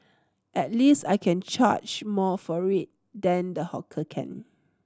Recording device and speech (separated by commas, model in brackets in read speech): standing microphone (AKG C214), read sentence